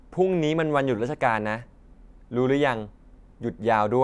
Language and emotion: Thai, neutral